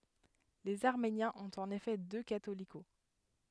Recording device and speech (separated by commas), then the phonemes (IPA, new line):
headset microphone, read sentence
lez aʁmenjɛ̃z ɔ̃t ɑ̃n efɛ dø katoliko